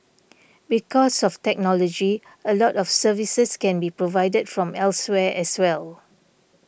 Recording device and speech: boundary microphone (BM630), read sentence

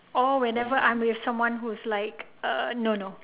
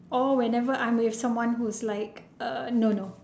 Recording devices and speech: telephone, standing microphone, conversation in separate rooms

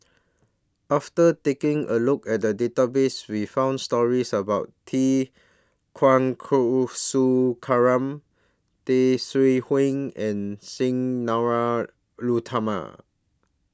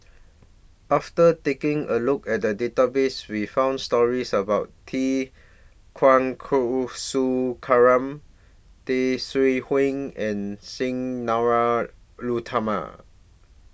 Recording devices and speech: standing microphone (AKG C214), boundary microphone (BM630), read sentence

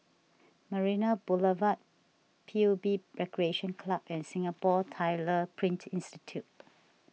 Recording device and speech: mobile phone (iPhone 6), read sentence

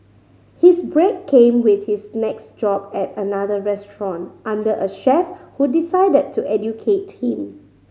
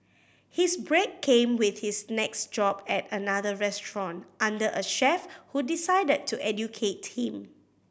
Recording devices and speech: mobile phone (Samsung C5010), boundary microphone (BM630), read sentence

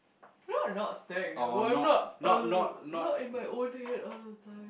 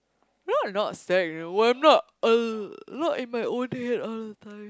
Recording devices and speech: boundary microphone, close-talking microphone, conversation in the same room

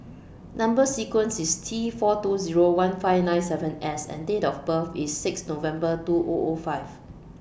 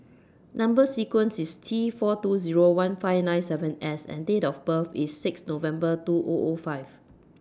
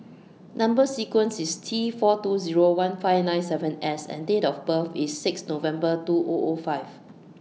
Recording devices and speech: boundary microphone (BM630), standing microphone (AKG C214), mobile phone (iPhone 6), read sentence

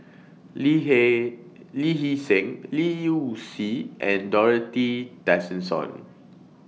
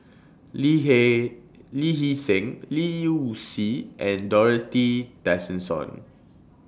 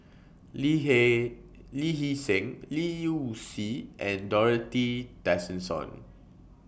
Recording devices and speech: mobile phone (iPhone 6), standing microphone (AKG C214), boundary microphone (BM630), read sentence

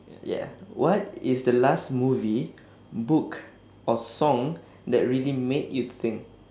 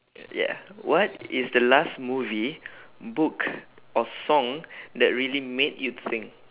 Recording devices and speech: standing microphone, telephone, conversation in separate rooms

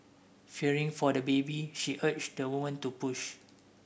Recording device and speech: boundary microphone (BM630), read sentence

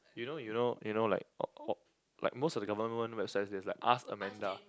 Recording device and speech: close-talking microphone, conversation in the same room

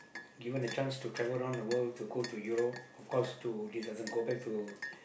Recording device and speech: boundary microphone, conversation in the same room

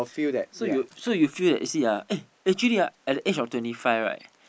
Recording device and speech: boundary microphone, conversation in the same room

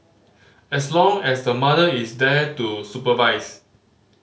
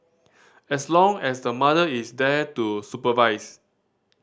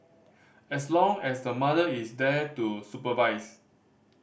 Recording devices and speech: mobile phone (Samsung C5010), standing microphone (AKG C214), boundary microphone (BM630), read sentence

